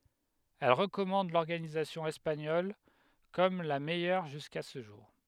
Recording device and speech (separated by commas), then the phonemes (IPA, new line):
headset microphone, read sentence
ɛl ʁəkɔmɑ̃d lɔʁɡanizasjɔ̃ ɛspaɲɔl kɔm la mɛjœʁ ʒyska sə ʒuʁ